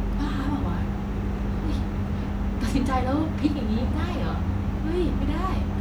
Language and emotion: Thai, frustrated